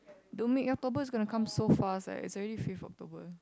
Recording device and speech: close-talking microphone, conversation in the same room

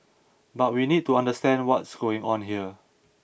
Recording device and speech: boundary microphone (BM630), read sentence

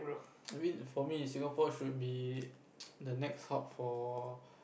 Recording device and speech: boundary microphone, conversation in the same room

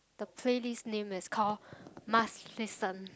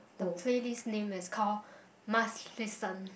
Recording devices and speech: close-talking microphone, boundary microphone, conversation in the same room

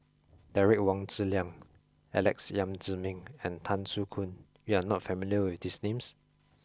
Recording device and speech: close-talking microphone (WH20), read sentence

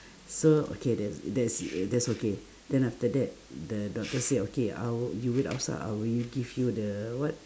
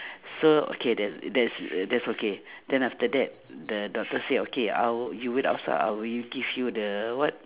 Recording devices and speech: standing microphone, telephone, conversation in separate rooms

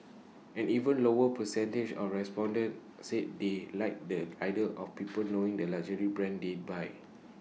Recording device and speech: mobile phone (iPhone 6), read sentence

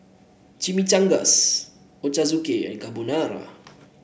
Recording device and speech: boundary microphone (BM630), read sentence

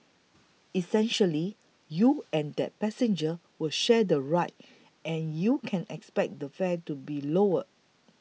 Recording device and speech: mobile phone (iPhone 6), read sentence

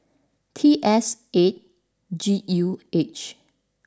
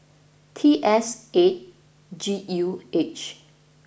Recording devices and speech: standing microphone (AKG C214), boundary microphone (BM630), read sentence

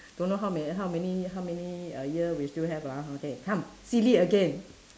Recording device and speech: standing microphone, conversation in separate rooms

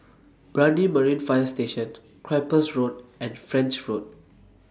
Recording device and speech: standing microphone (AKG C214), read sentence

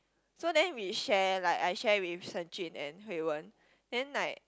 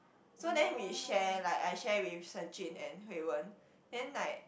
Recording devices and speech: close-talking microphone, boundary microphone, conversation in the same room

